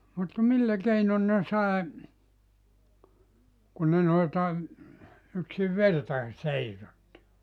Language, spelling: Finnish, mutta millä keinoin ne sai kun ne noilta yksin vertakin seisotti
- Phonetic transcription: mut "millä 'keinon ne 'sàe , kun ne noilta , yksiv "vertae "seisotti .

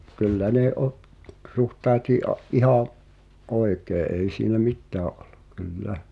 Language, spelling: Finnish, kyllä ne - suhtautui - ihan oikein ei siinä mitään ollut kyllä
- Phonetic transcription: kyllä ne '’o- , 'suhtaaᵉtii ’a- , '’iháa̰ , "’oikee 'ei siinä "mittää’ ’ᴏʟ̆ʟᴜ , 'kyl"lä .

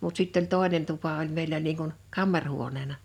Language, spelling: Finnish, mutta sitten oli toinen tupa oli meillä niin kuin kamarihuoneena
- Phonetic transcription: mut sitt ‿oĺ "tòenen 'tupa oĺ 'mèillä niiŋ kun , "kammarhuoneena .

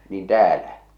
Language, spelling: Finnish, niin täällä
- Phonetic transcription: niin "täälä ?

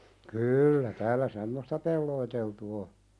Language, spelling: Finnish, kyllä täällä semmoista peloteltu on
- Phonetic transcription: 'kyyllä täälä "semmosta pelloiteltu o .

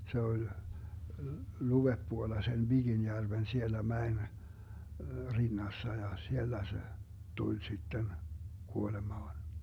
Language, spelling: Finnish, se oli luodepuolella sen Viginjärven siellä mäen rinnassa ja siellä se tuli sitten kuolemaan
- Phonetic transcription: 'se oĺ , 'luveppuolla sen 'ViGinjärven 'siellä "mäen , 'rinnassa ja 'siellä se , 'tuĺ sitten , 'kuolemaan .

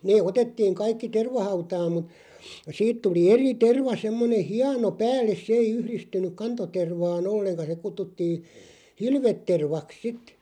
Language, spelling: Finnish, ne otettiin kaikki tervahautaan mutta siitä tuli eri terva semmoinen hieno päälle se ei yhdistynyt kantotervaan ollenkaan se kutsuttiin hilvetervaksi sitten
- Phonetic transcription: 'nee "otettiiŋ 'kaikki "tervahautaam mut , 'siit 'tuli "eri 'terva semmone "hiano 'päälles "sᵉ 'ei 'yhristyn̆nyk 'kanto'tervaan "olleŋka se 'kuttuttiin̬ , "hilvettervak 'sit .

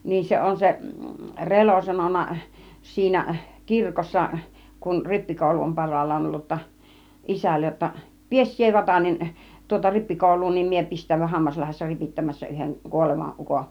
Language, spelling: Finnish, niin se on se Relo sanonut siinä kirkossa kun rippikoulu on parhaillaan ollut jotta isälle jotta pidä sinä Vatanen tuota rippikoulua niin minä pistäydyn Hammaslahdessa ripittämässä yhden kuolevan ukon
- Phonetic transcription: niin 'se 'on se , "Relo sanon̆na , 'siinä , 'kirkossa , kun "rippikòulu om 'par̀aal̀laan 'ollu ‿tta , 'isällej jotta , » 'pies sie 'Vatanen , tuota 'rippikòul̆luu niim mie pist̆tä̀y̆vyn 'Hammaslahessa 'ripittämässä yheŋ 'kuolevaˀ 'ˀuko « .

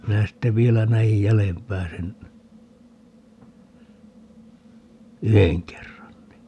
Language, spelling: Finnish, minä sitten vielä näin jäljempää sen yhden kerran niin
- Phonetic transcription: 'minä sitte 'vielä 'nä₍ij "jälempää sen , "yheŋ 'kerran ni .

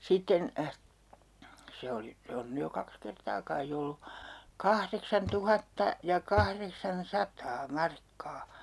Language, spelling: Finnish, sitten se oli se on nyt jo kaksi kertaa kai ollut kahdeksantuhatta ja kahdeksansataa markkaa
- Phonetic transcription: 'sitten , se oli , 'se on 'ny jo 'kaks kertaa kai ollu , "kahreksan'tuhatta , ja "kahreksan'sataa 'markkaa .

